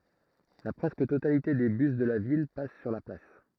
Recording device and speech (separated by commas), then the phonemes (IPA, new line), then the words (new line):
throat microphone, read sentence
la pʁɛskə totalite de bys də la vil pas syʁ la plas
La presque totalité des bus de la ville passent sur la place.